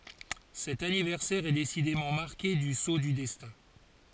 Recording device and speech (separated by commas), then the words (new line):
forehead accelerometer, read sentence
Cet anniversaire est décidément marqué du sceau du destin.